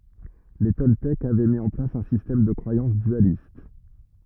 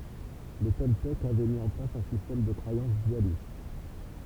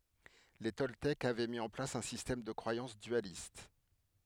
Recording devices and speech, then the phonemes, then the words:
rigid in-ear microphone, temple vibration pickup, headset microphone, read sentence
le tɔltɛkz avɛ mi ɑ̃ plas œ̃ sistɛm də kʁwajɑ̃s dyalist
Les Toltèques avaient mis en place un système de croyance dualiste.

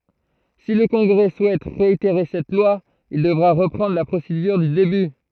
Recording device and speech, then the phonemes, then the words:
throat microphone, read sentence
si lə kɔ̃ɡʁɛ suɛt ʁeiteʁe sɛt lwa il dəvʁa ʁəpʁɑ̃dʁ la pʁosedyʁ dy deby
Si le Congrès souhaite réitérer cette loi, il devra reprendre la procédure du début.

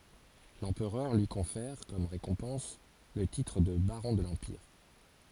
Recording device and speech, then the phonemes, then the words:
forehead accelerometer, read sentence
lɑ̃pʁœʁ lyi kɔ̃fɛʁ kɔm ʁekɔ̃pɑ̃s lə titʁ də baʁɔ̃ də lɑ̃piʁ
L'Empereur lui confère, comme récompense, le titre de baron de l'Empire.

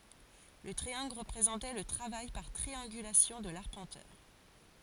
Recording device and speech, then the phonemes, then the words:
forehead accelerometer, read sentence
lə tʁiɑ̃ɡl ʁəpʁezɑ̃tɛ lə tʁavaj paʁ tʁiɑ̃ɡylasjɔ̃ də laʁpɑ̃tœʁ
Le triangle représentait le travail par triangulation de l'arpenteur.

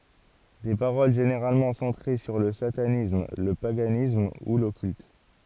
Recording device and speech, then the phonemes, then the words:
forehead accelerometer, read sentence
de paʁol ʒeneʁalmɑ̃ sɑ̃tʁe syʁ lə satanism lə paɡanism u lɔkylt
Des paroles généralement centrées sur le satanisme, le paganisme, ou l'occulte.

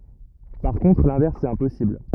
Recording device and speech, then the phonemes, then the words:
rigid in-ear microphone, read sentence
paʁ kɔ̃tʁ lɛ̃vɛʁs ɛt ɛ̃pɔsibl
Par contre, l'inverse est impossible.

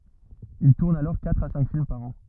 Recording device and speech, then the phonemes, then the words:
rigid in-ear microphone, read sentence
il tuʁn alɔʁ katʁ a sɛ̃k film paʁ ɑ̃
Il tourne alors quatre à cinq films par an.

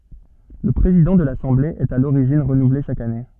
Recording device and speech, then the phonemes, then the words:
soft in-ear microphone, read sentence
lə pʁezidɑ̃ də lasɑ̃ble ɛt a loʁiʒin ʁənuvle ʃak ane
Le président de l'assemblée est à l'origine renouvelé chaque année.

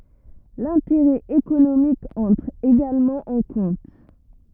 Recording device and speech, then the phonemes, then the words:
rigid in-ear microphone, read sentence
lɛ̃teʁɛ ekonomik ɑ̃tʁ eɡalmɑ̃ ɑ̃ kɔ̃t
L'intérêt économique entre également en compte.

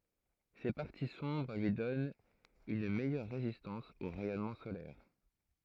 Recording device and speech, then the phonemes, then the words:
throat microphone, read sentence
se paʁti sɔ̃bʁ lyi dɔnt yn mɛjœʁ ʁezistɑ̃s o ʁɛjɔnmɑ̃ solɛʁ
Ces parties sombres lui donnent une meilleure résistance aux rayonnement solaires.

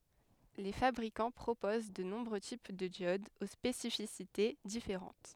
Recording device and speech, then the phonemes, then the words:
headset microphone, read sentence
le fabʁikɑ̃ pʁopoz də nɔ̃bʁø tip də djodz o spesifisite difeʁɑ̃t
Les fabricants proposent de nombreux types de diodes aux spécificités différentes.

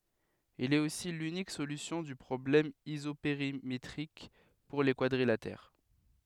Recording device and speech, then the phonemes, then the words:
headset microphone, read sentence
il ɛt osi lynik solysjɔ̃ dy pʁɔblɛm izopeʁimetʁik puʁ le kwadʁilatɛʁ
Il est aussi l'unique solution du problème isopérimétrique pour les quadrilatères.

